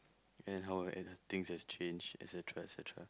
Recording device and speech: close-talking microphone, conversation in the same room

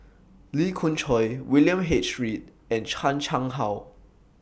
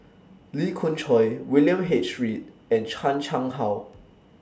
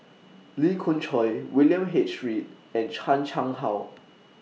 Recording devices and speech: boundary microphone (BM630), standing microphone (AKG C214), mobile phone (iPhone 6), read sentence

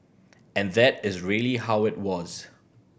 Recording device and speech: boundary microphone (BM630), read sentence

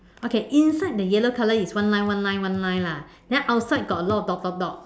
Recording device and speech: standing microphone, conversation in separate rooms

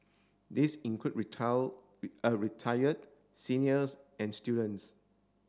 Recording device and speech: standing microphone (AKG C214), read sentence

